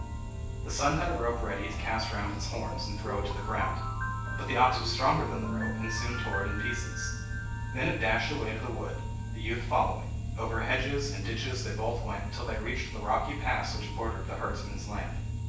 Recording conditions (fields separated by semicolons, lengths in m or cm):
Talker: one person; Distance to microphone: 9.8 m; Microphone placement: far; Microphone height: 1.8 m; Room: large; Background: music